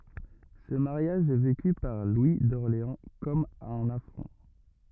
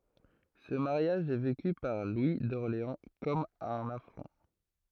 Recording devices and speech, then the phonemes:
rigid in-ear microphone, throat microphone, read sentence
sə maʁjaʒ ɛ veky paʁ lwi dɔʁleɑ̃ kɔm œ̃n afʁɔ̃

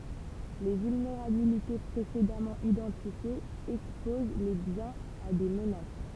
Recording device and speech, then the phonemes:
temple vibration pickup, read sentence
le vylneʁabilite pʁesedamɑ̃ idɑ̃tifjez ɛkspoz le bjɛ̃z a de mənas

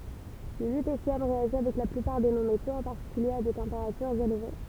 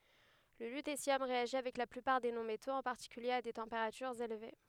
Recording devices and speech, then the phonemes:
temple vibration pickup, headset microphone, read sentence
lə lytesjɔm ʁeaʒi avɛk la plypaʁ de nɔ̃ metoz ɑ̃ paʁtikylje a de tɑ̃peʁatyʁz elve

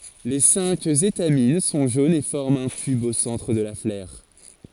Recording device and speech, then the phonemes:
forehead accelerometer, read sentence
le sɛ̃k etamin sɔ̃ ʒonz e fɔʁmt œ̃ tyb o sɑ̃tʁ də la flœʁ

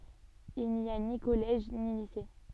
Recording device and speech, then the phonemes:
soft in-ear microphone, read sentence
il ni a ni kɔlɛʒ ni lise

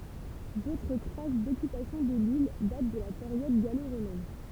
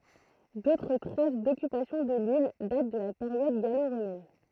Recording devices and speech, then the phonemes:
temple vibration pickup, throat microphone, read sentence
dotʁ tʁas dɔkypasjɔ̃ də lil dat də la peʁjɔd ɡalo ʁomɛn

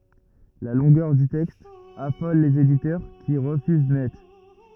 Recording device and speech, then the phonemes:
rigid in-ear microphone, read sentence
la lɔ̃ɡœʁ dy tɛkst afɔl lez editœʁ ki ʁəfyz nɛt

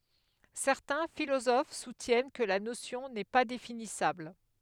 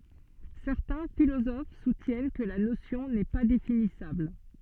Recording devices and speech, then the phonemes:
headset microphone, soft in-ear microphone, read sentence
sɛʁtɛ̃ filozof sutjɛn kə la nosjɔ̃ nɛ pa definisabl

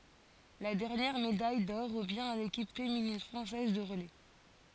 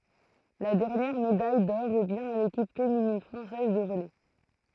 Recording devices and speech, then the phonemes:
forehead accelerometer, throat microphone, read sentence
la dɛʁnjɛʁ medaj dɔʁ ʁəvjɛ̃ a lekip feminin fʁɑ̃sɛz də ʁəlɛ

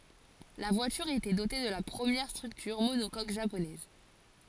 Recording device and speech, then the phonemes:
forehead accelerometer, read sentence
la vwatyʁ etɛ dote də la pʁəmjɛʁ stʁyktyʁ monokok ʒaponɛz

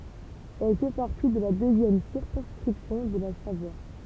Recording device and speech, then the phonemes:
temple vibration pickup, read sentence
ɛl fɛ paʁti də la døzjɛm siʁkɔ̃skʁipsjɔ̃ də la savwa

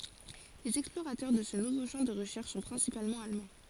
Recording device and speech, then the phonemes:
forehead accelerometer, read sentence
lez ɛksploʁatœʁ də sə nuvo ʃɑ̃ də ʁəʃɛʁʃ sɔ̃ pʁɛ̃sipalmɑ̃ almɑ̃

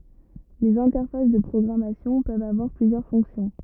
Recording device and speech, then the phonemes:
rigid in-ear microphone, read sentence
lez ɛ̃tɛʁfas də pʁɔɡʁamasjɔ̃ pøvt avwaʁ plyzjœʁ fɔ̃ksjɔ̃

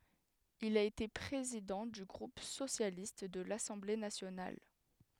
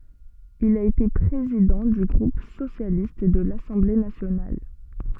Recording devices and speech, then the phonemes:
headset microphone, soft in-ear microphone, read sentence
il a ete pʁezidɑ̃ dy ɡʁup sosjalist də lasɑ̃ble nasjonal

